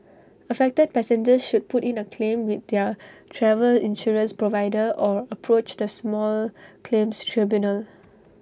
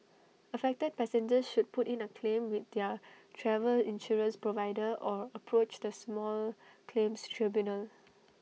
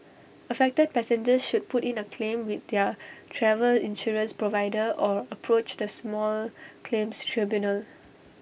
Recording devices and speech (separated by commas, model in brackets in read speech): standing microphone (AKG C214), mobile phone (iPhone 6), boundary microphone (BM630), read sentence